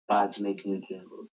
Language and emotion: English, disgusted